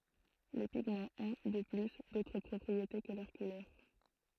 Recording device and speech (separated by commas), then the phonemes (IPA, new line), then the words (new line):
throat microphone, read sentence
le piɡmɑ̃z ɔ̃ də ply dotʁ pʁɔpʁiete kə lœʁ kulœʁ
Les pigments ont, de plus, d'autres propriétés que leur couleur.